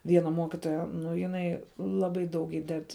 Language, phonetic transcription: Lithuanian, ˈviena ˈmuokitoja ˈnu jiˈnai ˈlaˌbai daug ˈįded

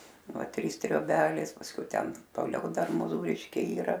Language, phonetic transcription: Lithuanian, ˈva ˈtrys trioˈbelės pasˈkiau ˈten toˈliau ˈdar moˈzūriškiai yˈra

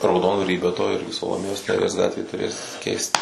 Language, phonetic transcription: Lithuanian, rauˈdondvary be to ˈirgi saloˈmėjos neˈries ˈgatvė tuˈrės keist

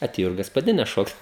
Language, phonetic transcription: Lithuanian, aˈtėjo ir gaspaˈdines ˈšokt

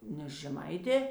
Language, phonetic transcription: Lithuanian, ˈnes žeˈmaitė

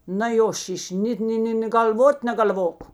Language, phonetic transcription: Lithuanian, na ˈjo ˈšiš' ˈnėt ni ˈni nė gal'ˈvot negal'ˈvok

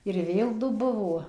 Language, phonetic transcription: Lithuanian, ir ˈvėl ˈdu ˈbuvo

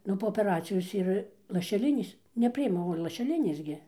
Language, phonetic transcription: Lithuanian, ˈnu po opeˈracijos ir lašeˈlinės neˈpriima o lašeˈlinės gi

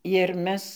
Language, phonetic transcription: Lithuanian, ir ˈmes

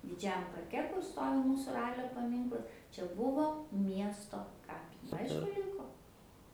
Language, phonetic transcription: Lithuanian, diˈdžiajam parˈke kur ˈstovi ˈmūsu ˈralio paˈmynklas čia ˈbuvo ˈmiesto ˈkapi ˈaišku ˈrinko

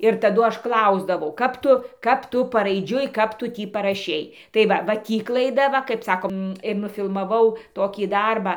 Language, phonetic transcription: Lithuanian, ir taˈdu ˈaš ˈklausdavau ˈkap tu ˈkap ˈtu paraiˈdžiui ˈkap tu ˈtį paraˈšei tai ˈva va ˈtį klaiˈda ˈva kaip ˈsakom ir nufilmaˈvau ir nufilmaˈvau ˈtokį ˈdarbą

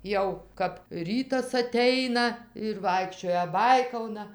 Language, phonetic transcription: Lithuanian, ˈjau kap ˈrytas aˈteina ir ˈvaikščioja ˈbaikauna

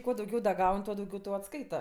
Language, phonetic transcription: Lithuanian, ˈkuo dauˈgiau ˈgaun' ˈtuo dauˈgiau ˈtau atˈskaita

